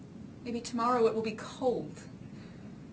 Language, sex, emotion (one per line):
English
female
neutral